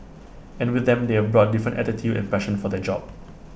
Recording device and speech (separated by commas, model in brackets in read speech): boundary microphone (BM630), read sentence